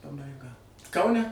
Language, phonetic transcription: Lithuanian, pabaiˈga kauˈne

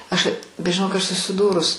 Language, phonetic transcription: Lithuanian, ˈaš bet žiˈnok ˈaš susiˈdūrus

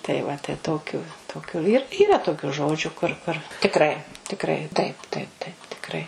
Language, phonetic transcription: Lithuanian, tai va tai ˈtokiu ˈtokiu yr ˈyra toˈkiu ˈžodžiu kur ˈkur tikˈrai tikˈrai taip ˈtaip ˈtaip tikˈrai

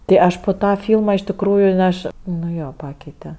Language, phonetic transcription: Lithuanian, tė ˈaš po ˈtą ˈfylma iš tikˈrųju n ˈaš nu ˈjo ˈpakeite

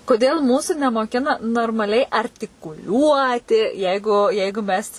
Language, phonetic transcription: Lithuanian, koˈdėl ˈmūsu nemoˈkina normaˈliai artikuˈliuoti ˈjeigu ˈjeigu ˈmes

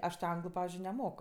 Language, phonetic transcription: Lithuanian, ˈaš ti ˈanglu ˈpavizdžiui neˈmok

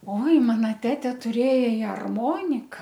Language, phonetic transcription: Lithuanian, oi ˈmana ˈtetė tuˈrėja i arˈmonika

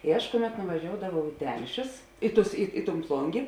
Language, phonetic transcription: Lithuanian, i ˈaš ˈkuˌmet nuvaˈžioudavau i ˈtelšius ˈi ˌtus i i tun ˈplungė

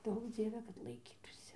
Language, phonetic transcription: Lithuanian, ˈduok ˈdzieve kad laiˈkytųsi

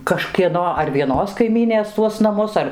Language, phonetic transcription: Lithuanian, kažkieˈno ar vieˈnos kaiˈmynės tuos naˈmus ˈar

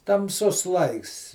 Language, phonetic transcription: Lithuanian, tamˈsus ˈlaiks

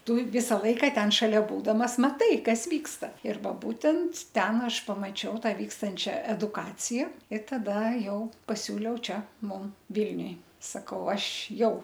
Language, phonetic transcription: Lithuanian, ˈtu ˈvisa ˈlaika ˈten šaˈlia ˈbūdamas maˈtai ˈkas ˈvyksta ir ˈva ˈbūtent ˈten ˈaš pamaˈčiau ˈtą ˈvykstančia eduˈkacija i taˈda ˈjau paˈsiūliau ˈčia ˈmum ˈvilniuj saˈkau ˈaš ˈjau

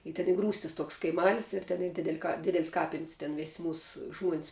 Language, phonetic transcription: Lithuanian, i ten ˈy ˈgrūstis ˈtoks kaiˈmalis ir ten ˈy ˈdidel' ka ˈdidelis ˈkapin's' ten ˈvės' ˈmūs ˈžmuon's'

